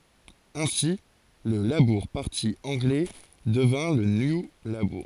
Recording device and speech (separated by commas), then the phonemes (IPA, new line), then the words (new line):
forehead accelerometer, read sentence
ɛ̃si lə labuʁ paʁti ɑ̃ɡlɛ dəvjɛ̃ lə nju labuʁ
Ainsi, le Labour Party anglais devient le New Labour.